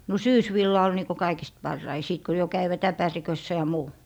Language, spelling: Finnish, no syysvilla oli niin kuin kaikista parhain sitten kun jo kävivät äpärikössä ja muu
- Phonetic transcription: no "syys'villa ol niiko 'kaikist 'parrai 'sìt ko jo 'käivät 'äpärikössä ja 'muu .

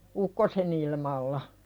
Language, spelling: Finnish, ukkosenilmalla
- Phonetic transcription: ukkosenilmalla .

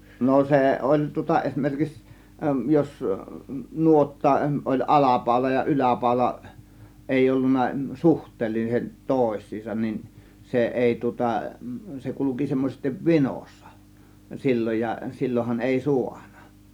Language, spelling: Finnish, no se oli tuota esimerkiksi jos nuotta oli alapaula ja yläpaula ei ollut suhteelliset toisiinsa niin se ei tuota se kulki semmoisesti vinossa silloin ja silloinhan ei saanut
- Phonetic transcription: no 'sè oĺ tŭŏta 'esmerkiks jos , 'nuotta , ˀoĺ 'alapàȯla ja 'yläpàȯla , 'èiʲ ‿ollunna "suht̆teelliset "tòės̆siisan nin , 'se "ˀèi tŭŏta , se 'kuluki semmosestiv "vinòssA , 'sil͕l͕oj ja , 'sil͕l͕ohan èi "suaNA .

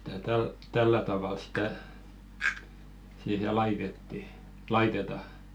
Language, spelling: Finnish, että tällä tavalla sitä siihen laitettiin laitetaan
- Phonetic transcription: ᴇttä täl-"tällä 'tavàl stä , siihe 'laitetti , "laiteta .

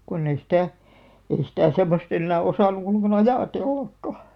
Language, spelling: Finnish, kun ei sitä ei sitä semmoista enää osannut ollenkaan ajatellakaan
- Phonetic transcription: 'konn ‿ei 'sⁱtä̀ , 'ei sitä̀ 'semmost ‿ennää 'osàn̆nu ol̆lᵉŋkà"n ‿ajà'tellakka .

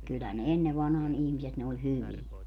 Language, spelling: Finnish, kyllä ne ennen vanhaan ihmiset ne oli hyviä
- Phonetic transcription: 'kyllä ne 'enne vanhaan 'ihmiset ne oĺ "hyviɛ .

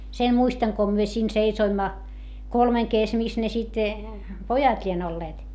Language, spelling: Finnish, sen muistan kun me siinä seisoimme kolmen - missä ne sitten pojat lie olleet
- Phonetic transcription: sen muistaŋ ko myö siin seisoimma , kolmeŋ kes - mis ne sit , pojat ĺien ‿olleet .

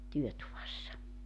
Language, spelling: Finnish, työtuvassa
- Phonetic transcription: "työtuvassa .

